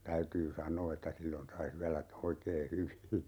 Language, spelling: Finnish, täytyy sanoa että silloin sai syödä oikein hyvin
- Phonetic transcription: 'täytyy "saǹoo että 'sillon 'sai 'syälä , 'oikee "hyvi .

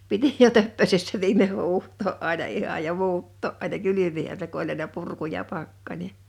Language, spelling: Finnish, piti jo töppösessä viimein huuhtoa aina ihan ja muuttaa aina kylmihän se kun oli aina purku ja pakkanen
- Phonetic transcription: 'piti jo 'töppösessä 'viimeʰ 'huuht̆too’ '’àina ihaj ja 'muutto’ ’àina "kylyminä se ku ‿oĺ aina 'purku ja 'pakkańe .

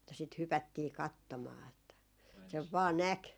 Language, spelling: Finnish, että sitä hypättiin katsomaan että sen vain näki
- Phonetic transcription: että sit 'hypättii 'kattomaa että , sev vaa "näk .

